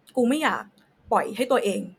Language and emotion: Thai, sad